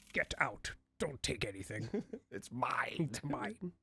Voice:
gruff voice